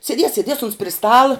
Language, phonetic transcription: Lithuanian, seˈdies seˈdies uns pri ˈstala

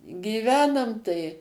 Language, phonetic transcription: Lithuanian, gyˈvenam tai

